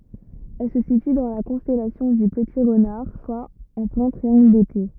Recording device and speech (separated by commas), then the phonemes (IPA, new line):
rigid in-ear microphone, read sentence
ɛl sə sity dɑ̃ la kɔ̃stɛlasjɔ̃ dy pəti ʁənaʁ swa ɑ̃ plɛ̃ tʁiɑ̃ɡl dete